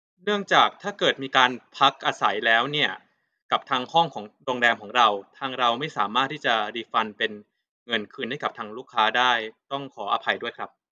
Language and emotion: Thai, neutral